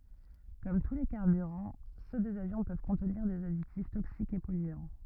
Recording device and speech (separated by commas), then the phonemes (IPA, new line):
rigid in-ear microphone, read sentence
kɔm tu le kaʁbyʁɑ̃ sø dez avjɔ̃ pøv kɔ̃tniʁ dez aditif toksikz e pɔlyɑ̃